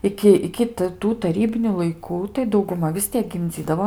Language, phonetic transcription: Lithuanian, ˈiki iki t ˈtų taˈrybiniu laiˈkų tai dauguˈma vis ˈtiek gimˈdzydavo

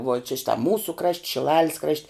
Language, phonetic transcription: Lithuanian, vuo čia ˈšita ˈmūsu krašt' šiˈlalis krašt'

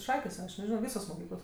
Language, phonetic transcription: Lithuanian, ˈšakės aš neˈžino ˈvysos moˈkyklos

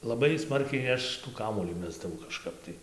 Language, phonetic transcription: Lithuanian, laˈbai ˈsmarkiai ˈaš tų kaˈmuolį ˈmesdavau kažˈkap tai

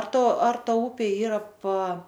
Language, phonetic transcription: Lithuanian, ar ˈta ar ˈta ˈupė ˈyra pa

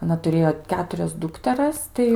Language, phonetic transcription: Lithuanian, aˈna tuˈrėjo ˈketurias ˈdukteras ˈtai

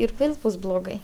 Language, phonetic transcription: Lithuanian, ir ˈvėl ˈbus bloˈgai

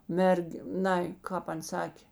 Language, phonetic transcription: Lithuanian, ˈmerg' ˈnai ˈkāp ˈan ˈsakė

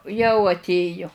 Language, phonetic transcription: Lithuanian, jau atˈėju

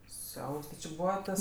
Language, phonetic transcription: Lithuanian, ˈsiaubs ti či ˈbūva ˈtas

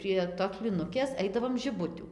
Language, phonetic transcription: Lithuanian, prie tos plyˈnukės ˈaidavom žiˈbutių

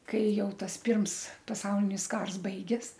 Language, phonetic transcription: Lithuanian, ˈkai ˈjau ˈtas ˈpirms paˈsaulinis ˈkars ˈbaigės

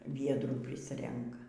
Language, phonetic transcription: Lithuanian, ˈviedrų ˈprisrenka

